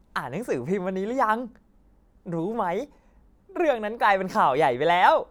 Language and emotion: Thai, happy